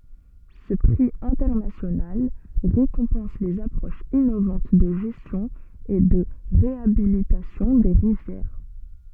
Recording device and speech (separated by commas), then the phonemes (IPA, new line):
soft in-ear microphone, read sentence
sə pʁi ɛ̃tɛʁnasjonal ʁekɔ̃pɑ̃s lez apʁoʃz inovɑ̃t də ʒɛstjɔ̃ e də ʁeabilitasjɔ̃ de ʁivjɛʁ